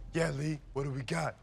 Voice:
deep voice